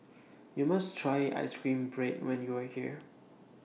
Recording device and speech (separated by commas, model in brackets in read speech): mobile phone (iPhone 6), read sentence